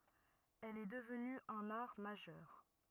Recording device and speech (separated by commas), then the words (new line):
rigid in-ear microphone, read sentence
Elle est devenue un art majeur.